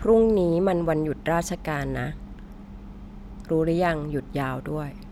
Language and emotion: Thai, frustrated